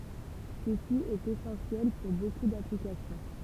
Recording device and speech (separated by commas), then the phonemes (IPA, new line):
temple vibration pickup, read sentence
səsi ɛt esɑ̃sjɛl puʁ boku daplikasjɔ̃